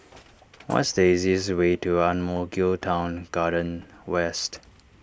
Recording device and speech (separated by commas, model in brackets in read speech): standing microphone (AKG C214), read sentence